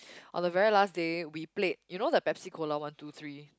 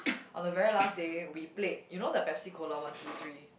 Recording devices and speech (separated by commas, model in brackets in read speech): close-talking microphone, boundary microphone, conversation in the same room